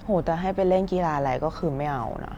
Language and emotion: Thai, frustrated